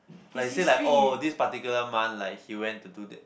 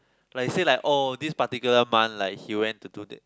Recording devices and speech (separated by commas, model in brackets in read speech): boundary microphone, close-talking microphone, conversation in the same room